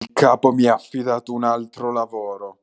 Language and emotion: Italian, angry